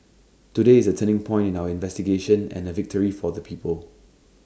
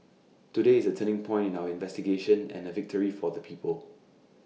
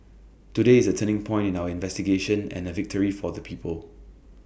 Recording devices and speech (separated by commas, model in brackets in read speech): standing microphone (AKG C214), mobile phone (iPhone 6), boundary microphone (BM630), read sentence